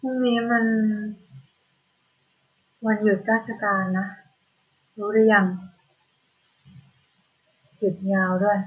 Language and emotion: Thai, frustrated